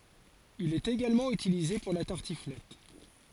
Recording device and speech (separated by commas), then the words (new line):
forehead accelerometer, read sentence
Il est également utilisé pour la tartiflette.